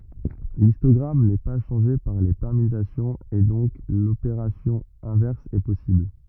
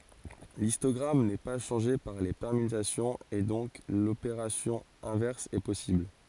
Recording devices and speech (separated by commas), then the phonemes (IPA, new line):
rigid in-ear microphone, forehead accelerometer, read sentence
listɔɡʁam nɛ pa ʃɑ̃ʒe paʁ le pɛʁmytasjɔ̃z e dɔ̃k lopeʁasjɔ̃ ɛ̃vɛʁs ɛ pɔsibl